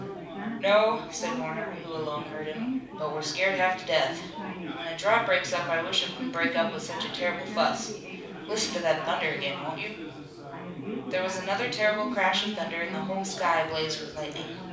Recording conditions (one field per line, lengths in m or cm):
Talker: one person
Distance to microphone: 5.8 m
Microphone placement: far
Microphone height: 1.8 m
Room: medium-sized (5.7 m by 4.0 m)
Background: babble